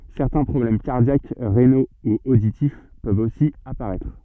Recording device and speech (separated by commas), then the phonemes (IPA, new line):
soft in-ear microphone, read sentence
sɛʁtɛ̃ pʁɔblɛm kaʁdjak ʁeno u oditif pøvt osi apaʁɛtʁ